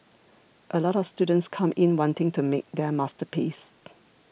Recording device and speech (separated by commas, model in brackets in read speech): boundary microphone (BM630), read sentence